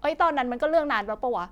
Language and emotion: Thai, frustrated